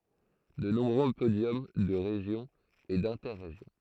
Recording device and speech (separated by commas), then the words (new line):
throat microphone, read sentence
De nombreux podiums de Région et d'Inter-Régions.